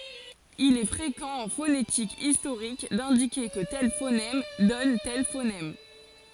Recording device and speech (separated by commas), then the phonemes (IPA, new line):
forehead accelerometer, read sentence
il ɛ fʁekɑ̃ ɑ̃ fonetik istoʁik dɛ̃dike kə tɛl fonɛm dɔn tɛl fonɛm